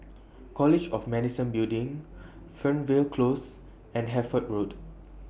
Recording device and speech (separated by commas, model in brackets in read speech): boundary microphone (BM630), read sentence